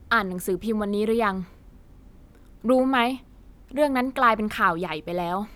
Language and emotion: Thai, frustrated